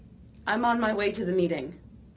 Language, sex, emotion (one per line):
English
female
neutral